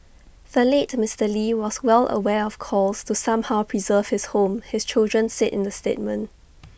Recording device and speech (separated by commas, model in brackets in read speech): boundary microphone (BM630), read sentence